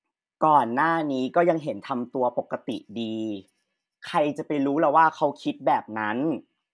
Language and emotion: Thai, frustrated